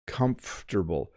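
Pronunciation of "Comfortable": In 'comfortable', the m and f slide together, and not every syllable is over-pronounced.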